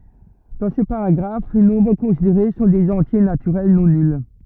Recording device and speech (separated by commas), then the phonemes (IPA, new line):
rigid in-ear microphone, read sentence
dɑ̃ sə paʁaɡʁaf le nɔ̃bʁ kɔ̃sideʁe sɔ̃ dez ɑ̃tje natyʁɛl nɔ̃ nyl